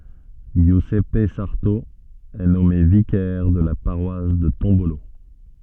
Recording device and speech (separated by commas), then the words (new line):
soft in-ear microphone, read sentence
Giuseppe Sarto est nommé vicaire de la paroisse de Tombolo.